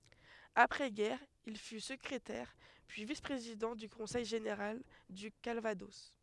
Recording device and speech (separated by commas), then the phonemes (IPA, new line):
headset microphone, read sentence
apʁɛ ɡɛʁ il fy səkʁetɛʁ pyi vis pʁezidɑ̃ dy kɔ̃sɛj ʒeneʁal dy kalvadɔs